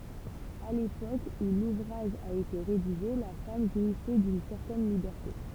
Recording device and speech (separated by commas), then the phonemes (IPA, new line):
temple vibration pickup, read sentence
a lepok u luvʁaʒ a ete ʁediʒe la fam ʒwisɛ dyn sɛʁtɛn libɛʁte